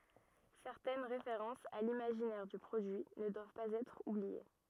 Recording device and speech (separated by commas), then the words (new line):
rigid in-ear microphone, read sentence
Certaines références à l'imaginaire du produit ne doivent pas être oubliées.